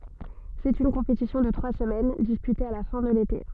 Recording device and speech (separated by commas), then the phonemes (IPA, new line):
soft in-ear microphone, read sentence
sɛt yn kɔ̃petisjɔ̃ də tʁwa səmɛn dispyte a la fɛ̃ də lete